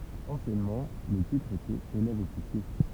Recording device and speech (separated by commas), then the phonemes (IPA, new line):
temple vibration pickup, read sentence
ɑ̃sjɛnmɑ̃ lə titʁ etɛt elɛvəɔfisje